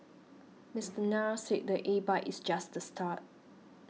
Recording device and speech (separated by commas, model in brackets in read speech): mobile phone (iPhone 6), read sentence